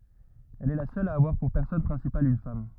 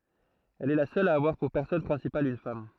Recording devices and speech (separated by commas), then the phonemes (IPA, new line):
rigid in-ear microphone, throat microphone, read sentence
ɛl ɛ la sœl a avwaʁ puʁ pɛʁsɔnaʒ pʁɛ̃sipal yn fam